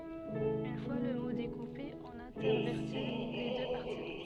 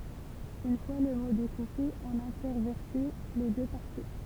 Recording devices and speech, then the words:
soft in-ear microphone, temple vibration pickup, read sentence
Une fois le mot découpé, on intervertit les deux parties.

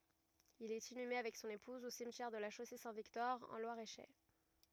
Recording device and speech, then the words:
rigid in-ear microphone, read sentence
Il est inhumé avec son épouse au cimetière de La Chaussée-Saint-Victor en Loir-et-Cher.

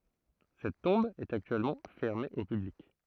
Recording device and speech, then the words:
throat microphone, read sentence
Cette tombe est actuellement fermée au public.

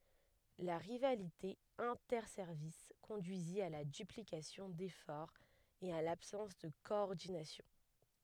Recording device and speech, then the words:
headset microphone, read sentence
La rivalité interservices conduisit à la duplication d'efforts et à l'absence de coordination.

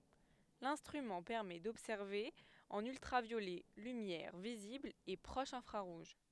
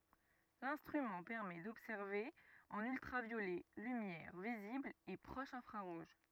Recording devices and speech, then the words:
headset microphone, rigid in-ear microphone, read sentence
L'instrument permet d'observer en ultraviolet, lumière visible et proche infrarouge.

